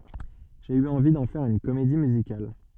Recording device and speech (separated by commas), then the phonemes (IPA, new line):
soft in-ear microphone, read sentence
ʒe y ɑ̃vi dɑ̃ fɛʁ yn komedi myzikal